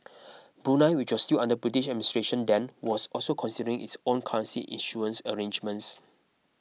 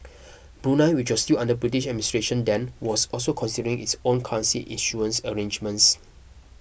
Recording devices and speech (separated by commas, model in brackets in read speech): mobile phone (iPhone 6), boundary microphone (BM630), read sentence